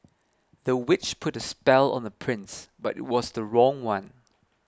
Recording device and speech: close-talking microphone (WH20), read sentence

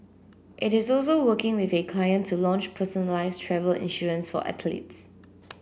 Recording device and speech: boundary microphone (BM630), read sentence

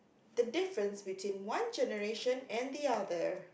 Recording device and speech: boundary microphone, conversation in the same room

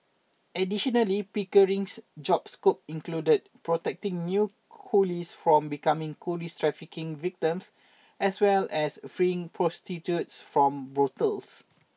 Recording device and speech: mobile phone (iPhone 6), read sentence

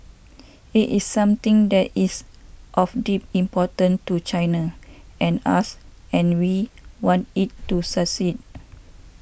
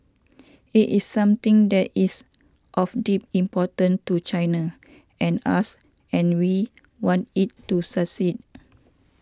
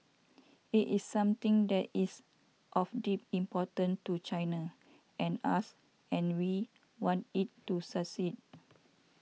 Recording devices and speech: boundary microphone (BM630), standing microphone (AKG C214), mobile phone (iPhone 6), read sentence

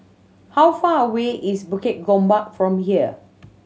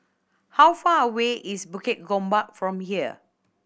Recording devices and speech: mobile phone (Samsung C7100), boundary microphone (BM630), read sentence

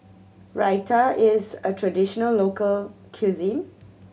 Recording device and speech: mobile phone (Samsung C7100), read sentence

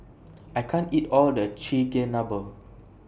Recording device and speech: boundary microphone (BM630), read sentence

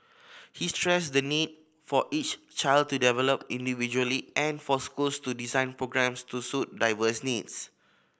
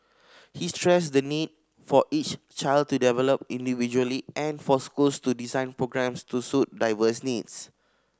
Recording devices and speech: boundary microphone (BM630), standing microphone (AKG C214), read sentence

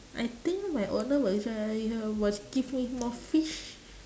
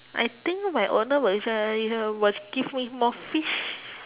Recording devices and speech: standing microphone, telephone, conversation in separate rooms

